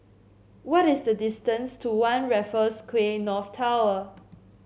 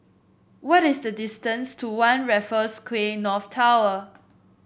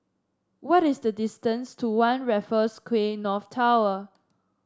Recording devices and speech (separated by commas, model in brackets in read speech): mobile phone (Samsung C7), boundary microphone (BM630), standing microphone (AKG C214), read sentence